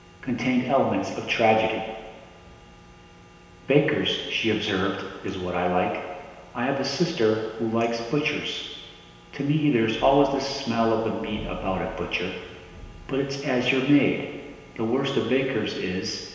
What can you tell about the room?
A large, echoing room.